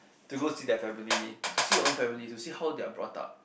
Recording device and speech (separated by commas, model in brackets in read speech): boundary microphone, conversation in the same room